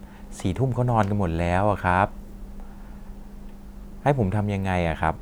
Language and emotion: Thai, frustrated